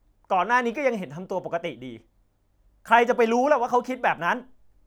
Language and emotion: Thai, angry